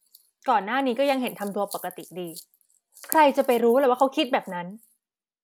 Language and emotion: Thai, frustrated